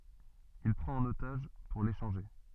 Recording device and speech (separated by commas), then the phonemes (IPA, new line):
soft in-ear microphone, read sentence
il pʁɑ̃t œ̃n otaʒ puʁ leʃɑ̃ʒe